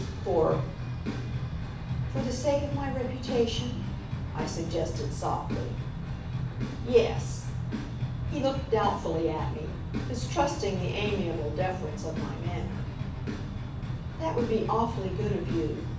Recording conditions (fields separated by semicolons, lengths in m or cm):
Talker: one person; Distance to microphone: 5.8 m; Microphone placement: far; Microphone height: 1.8 m; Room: medium-sized (5.7 m by 4.0 m); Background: music